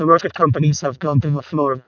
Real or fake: fake